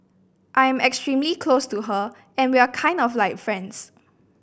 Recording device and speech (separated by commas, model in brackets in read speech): boundary microphone (BM630), read sentence